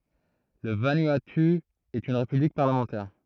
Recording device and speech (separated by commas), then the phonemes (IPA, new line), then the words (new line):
throat microphone, read sentence
lə vanuatu ɛt yn ʁepyblik paʁləmɑ̃tɛʁ
Le Vanuatu est une république parlementaire.